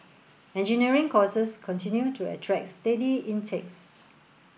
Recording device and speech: boundary microphone (BM630), read sentence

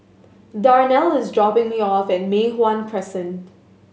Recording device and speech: mobile phone (Samsung S8), read sentence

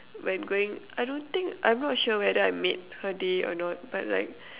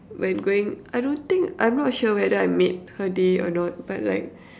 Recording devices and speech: telephone, standing microphone, conversation in separate rooms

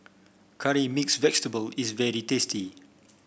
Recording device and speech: boundary microphone (BM630), read sentence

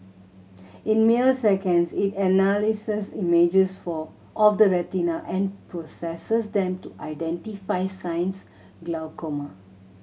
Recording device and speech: mobile phone (Samsung C7100), read sentence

